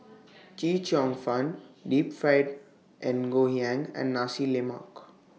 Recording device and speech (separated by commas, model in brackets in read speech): mobile phone (iPhone 6), read sentence